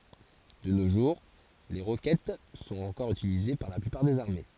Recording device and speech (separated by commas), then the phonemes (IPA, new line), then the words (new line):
forehead accelerometer, read sentence
də no ʒuʁ le ʁokɛt sɔ̃t ɑ̃kɔʁ ytilize paʁ la plypaʁ dez aʁme
De nos jours, les roquettes sont encore utilisées par la plupart des armées.